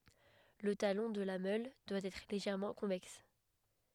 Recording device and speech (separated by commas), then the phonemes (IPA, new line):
headset microphone, read sentence
lə talɔ̃ də la mœl dwa ɛtʁ leʒɛʁmɑ̃ kɔ̃vɛks